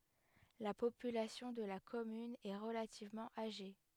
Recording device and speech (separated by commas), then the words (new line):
headset microphone, read sentence
La population de la commune est relativement âgée.